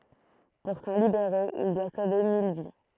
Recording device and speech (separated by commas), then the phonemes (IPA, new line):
throat microphone, read sentence
puʁ sɑ̃ libeʁe il dwa sove mil vi